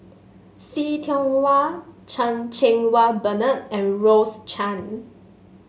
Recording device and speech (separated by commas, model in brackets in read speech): mobile phone (Samsung S8), read sentence